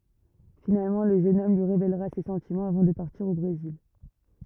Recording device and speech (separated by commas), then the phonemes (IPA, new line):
rigid in-ear microphone, read sentence
finalmɑ̃ lə ʒøn ɔm lyi ʁevelʁa se sɑ̃timɑ̃z avɑ̃ də paʁtiʁ o bʁezil